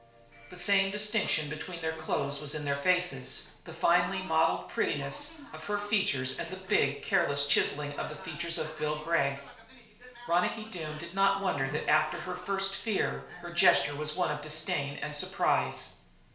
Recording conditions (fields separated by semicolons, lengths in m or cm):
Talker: one person; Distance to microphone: 1.0 m; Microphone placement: close; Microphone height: 1.1 m; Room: small (3.7 m by 2.7 m); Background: television